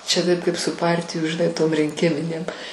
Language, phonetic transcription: Lithuanian, čia ˈtaip ˈkaip su ˈpartijų žiˈnai tom rinˈkiminėm

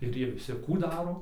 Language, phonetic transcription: Lithuanian, ir ˈjie viˈsi ˈkų ˈdaro

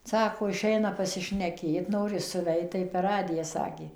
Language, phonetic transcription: Lithuanian, ˈsako iˈšeina pasišneˈkėt ˈnori suˈveit tai per ˈradiją ˈsakė

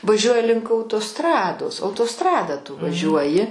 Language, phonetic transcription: Lithuanian, vaˈžiuoji link autoˈstrados autoˈstrada tu vaˈžiuoji

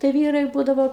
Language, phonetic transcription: Lithuanian, tai ˈvyrai ˈbūdavo

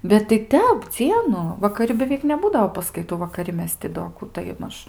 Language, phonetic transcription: Lithuanian, bet tai ˈtep ˈdzienu vakaˈri beˈveik neˈbūdao paskaiˈtų vakaˈri ˈmes ti do ˈkų tai ˈmaž

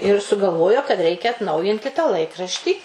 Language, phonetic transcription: Lithuanian, ir sugalˈvojo kad ˈreikia atˈnaujinti tą ˈlaikraštį

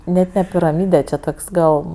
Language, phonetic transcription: Lithuanian, ˈnet ne piraˈmyde čia ˈtoks ˈgal

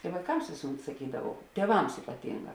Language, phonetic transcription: Lithuanian, i vaiˈkams ˈvėsuˌmet saˈkydavau tieˈvams ipaˈtinˌgā

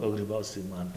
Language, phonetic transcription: Lithuanian, o gryˈbauc tai ˈman

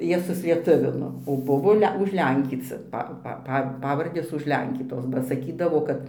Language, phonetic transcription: Lithuanian, ˈjie suslieˈtuvino o ˈbuvo ˈle užˈlenkyci ˈpa pa ˈpa ˈpavardės užˈlenkytos ba saˈkydavo ˈkad

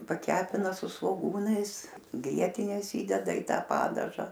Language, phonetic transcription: Lithuanian, paˈkepina su svoˈgūnais ˈgrietinės ˈįdeda į ˈta ˈpadaža

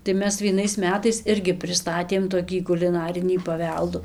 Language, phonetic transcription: Lithuanian, tai ˈmes vieˈnais ˈmetais ˈirgi priˈstatėm toˈkį kuliˈnarinį paˈveldų

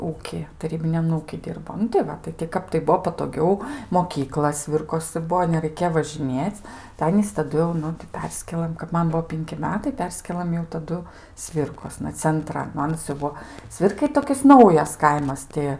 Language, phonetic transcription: Lithuanian, ˈūky taˈrybiniam ˈūky ˈdirbo nu tai ˈva tai ti ˈkap tai ˈbuo patoˈgiau moˈkykla ˈsvirkosɨ ˈbuo neraiˈkė važiˈnėc' tai ˈanys taˈdu jau ˈnu tai ˈperskėlɘm kap ˈman ˈbuo ˈpinki ˈmetai ˈperskėlam jau taˈdu ˈsvirkosna cenˈtran nu ˈanas jau ˈbuo ˈsvirkai ˈtokis ˈnaujas ˈkaimas ˈti

